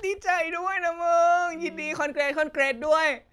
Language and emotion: Thai, happy